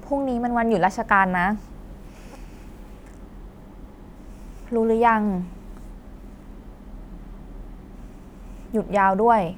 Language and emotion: Thai, sad